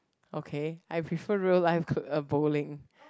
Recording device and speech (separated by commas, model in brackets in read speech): close-talking microphone, conversation in the same room